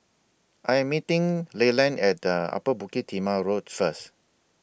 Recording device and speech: boundary microphone (BM630), read sentence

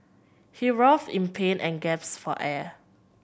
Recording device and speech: boundary microphone (BM630), read sentence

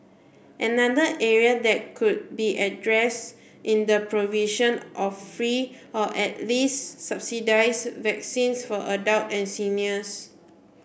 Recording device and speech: boundary microphone (BM630), read sentence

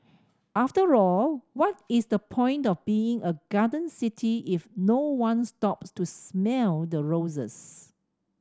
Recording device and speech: standing microphone (AKG C214), read sentence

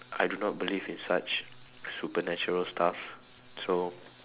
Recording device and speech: telephone, conversation in separate rooms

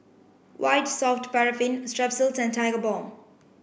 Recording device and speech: boundary microphone (BM630), read sentence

